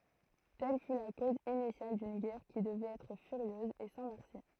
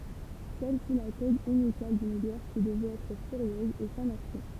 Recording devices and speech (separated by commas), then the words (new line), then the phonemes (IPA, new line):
throat microphone, temple vibration pickup, read sentence
Telle fut la cause initiale d'une guerre qui devait être furieuse et sans merci.
tɛl fy la koz inisjal dyn ɡɛʁ ki dəvɛt ɛtʁ fyʁjøz e sɑ̃ mɛʁsi